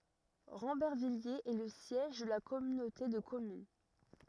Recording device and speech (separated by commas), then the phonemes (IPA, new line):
rigid in-ear microphone, read sentence
ʁɑ̃bɛʁvijez ɛ lə sjɛʒ də la kɔmynote də kɔmyn